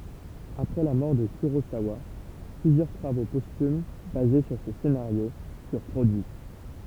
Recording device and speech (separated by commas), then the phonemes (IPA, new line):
temple vibration pickup, read sentence
apʁɛ la mɔʁ də kyʁozawa plyzjœʁ tʁavo pɔstym baze syʁ se senaʁjo fyʁ pʁodyi